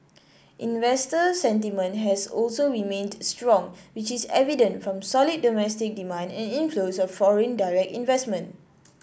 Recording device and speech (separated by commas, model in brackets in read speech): boundary microphone (BM630), read sentence